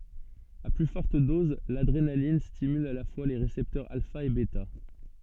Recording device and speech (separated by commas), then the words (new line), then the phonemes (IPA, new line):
soft in-ear microphone, read sentence
À plus forte dose, l’adrénaline stimule à la fois les récepteurs alpha et bêta.
a ply fɔʁt dɔz ladʁenalin stimyl a la fwa le ʁesɛptœʁz alfa e bɛta